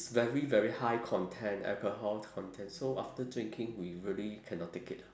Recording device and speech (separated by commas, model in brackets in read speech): standing microphone, conversation in separate rooms